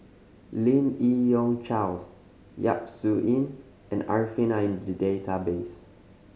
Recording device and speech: mobile phone (Samsung C5010), read sentence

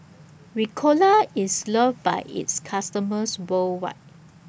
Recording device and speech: boundary microphone (BM630), read sentence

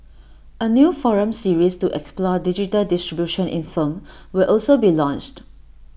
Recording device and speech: boundary microphone (BM630), read sentence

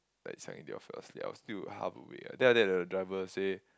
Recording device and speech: close-talking microphone, conversation in the same room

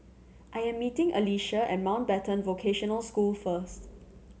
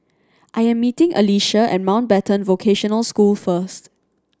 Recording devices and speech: mobile phone (Samsung C7100), standing microphone (AKG C214), read sentence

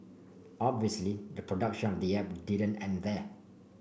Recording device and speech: boundary microphone (BM630), read sentence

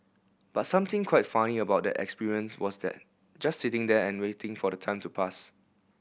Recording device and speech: boundary microphone (BM630), read sentence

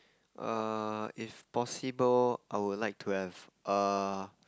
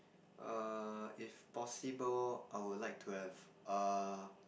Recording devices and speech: close-talking microphone, boundary microphone, conversation in the same room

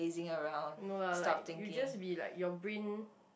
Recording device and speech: boundary microphone, conversation in the same room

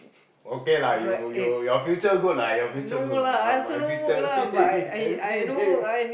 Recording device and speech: boundary microphone, conversation in the same room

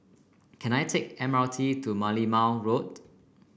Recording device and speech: boundary microphone (BM630), read sentence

